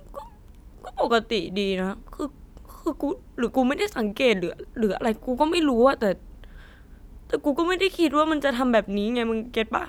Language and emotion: Thai, sad